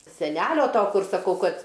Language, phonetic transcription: Lithuanian, seˈnelio ˈto ˈkur saˈkau ˈkad

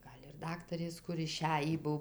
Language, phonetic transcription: Lithuanian, ˈgal' ir ˈdaktarės ˈkur iˈšæjį ˈbuv

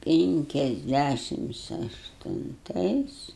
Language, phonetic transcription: Lithuanian, pinkiasˈdæšims aštunˈtais

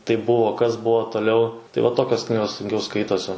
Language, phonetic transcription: Lithuanian, taip ˈbuvo ˈkas ˈbuo toˈliau tai va ˈtokios ˈknygos sunˈkiau ˈskaitosi

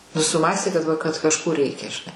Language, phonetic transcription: Lithuanian, nu suˈmąstė kad va kad kažˈko ˈreikia žiˈnai

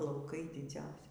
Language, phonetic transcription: Lithuanian, lauˈkai diˈdzausi

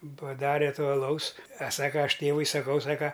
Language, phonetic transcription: Lithuanian, paˈdare ˈto aˈlaus a ˈsaka ˈaš ˈtėvui saˈkau ˈsaka

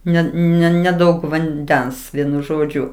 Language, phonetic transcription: Lithuanian, ˈne ne neˈdaug vanˈdens ˈvienu ˈžodžiu

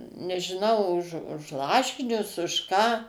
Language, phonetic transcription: Lithuanian, nežiˈnau už už ˈlašinius už ˈką

